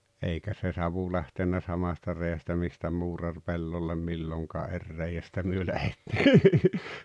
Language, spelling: Finnish, eikä se savu lähtenyt samasta reiästä mistä muurari pellolle milloinkaan eri reiästä me lähdettiin
- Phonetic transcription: eikä se "savu lähtennä 'samasta rei₍ästä 'mistä 'muurar "pellollem "milloŋkaa "’er rei₍ästä 'myö 'lähettɪɪ .

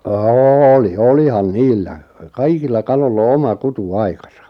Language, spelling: Finnish, oli olihan niillä kaikilla kaloilla on oma kutuaikansa
- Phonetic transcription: ôli 'olihan "niillä , "kaikilla "kaloll ‿o "oma "kutu₍"aikasa .

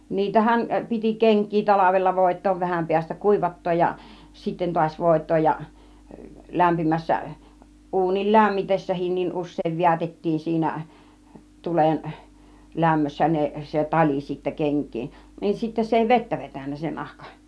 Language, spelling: Finnish, niitähän piti kenkiä talvella voitaa vähän päästä kuivattaa ja sitten taas voitaa ja lämpimässä uunin lämmitessäkin usein vedätettiin siinä tulen lämmössä ne se tali sitten kenkiin niin sitten se ei vettä vetänyt se nahka
- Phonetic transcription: 'niitähän , piti "keŋk̆kii 'talavella 'vòit̆toov vähäm piästä "kùivat̀tooj ja , 'sitten tuaś 'vòit̆tooj ja , 'lämpimässä , 'ˀuunil "lämmitessähin̆nin us̆sèiv 'vi̬ätettiin siinä , 'tulen , 'lämmössä 'ne , 'se "tal͕i sittä 'keŋk̆kiin , niin 'sittä se èi "vettä 'vetän̆nä , se 'nahka .

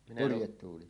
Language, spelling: Finnish, purjetuuli
- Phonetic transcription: 'purjettuuli .

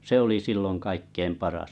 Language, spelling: Finnish, se oli silloin kaikkein paras
- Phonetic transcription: se oli 'silloŋ kaikkeim 'paras .

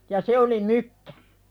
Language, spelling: Finnish, ja se oli mykkä
- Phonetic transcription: ja "se oli 'mykkᴀ̈ .

